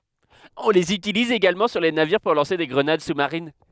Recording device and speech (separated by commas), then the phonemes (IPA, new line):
headset microphone, read sentence
ɔ̃ lez ytiliz eɡalmɑ̃ syʁ le naviʁ puʁ lɑ̃se de ɡʁənad su maʁin